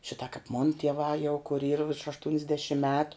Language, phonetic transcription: Lithuanian, ˈšita kap mon tieˈvā jau kur yr virš aštunsˈdešim ˈmetu

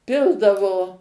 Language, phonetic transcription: Lithuanian, ˈpildavo

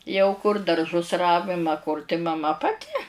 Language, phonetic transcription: Lithuanian, jau kur darˈžus ˈravim a kur tai maˈma paˈti

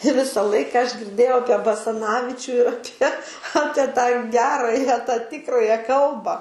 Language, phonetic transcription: Lithuanian, ˈvisa ˈlaika aš girˈdėjau ˈapie basaˈnavičių ir aˈpie ˈapie tą ˈgerąja tą ˈtikrąja ˈkalba

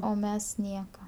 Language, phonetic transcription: Lithuanian, o ˈmes ˈnieka

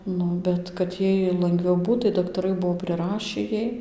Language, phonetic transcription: Lithuanian, ˈnu ˌbet kad ˈjai langˈviau ˈbūt tai daktaˈrai ˈbuo priˈrašį ˈjai

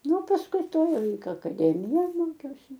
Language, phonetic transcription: Lithuanian, ˈnu pasˈkui ˈtoj akaˈdemijoj ˈmokiausi

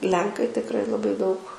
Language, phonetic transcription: Lithuanian, ˈlenkai tikˈrai laˈbai daug

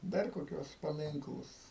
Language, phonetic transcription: Lithuanian, ˈdar koˈkiuos paˈminklus

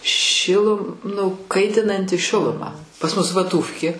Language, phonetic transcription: Lithuanian, ˈšilu nu ˈkaitinanti ˈšiluma pas ˈmus vaˈtūfkė

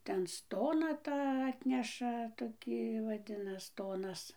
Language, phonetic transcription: Lithuanian, ˈten ˈstoną ˈtą ˈatneša toˈkį vaˈdinas ˈstonas

